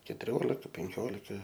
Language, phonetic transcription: Lithuanian, ketuˈriolika penˈkiolika

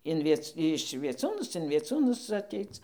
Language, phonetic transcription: Lithuanian, in ˈviec iš vieˈcūnus in vieˈcūnus aˈteic

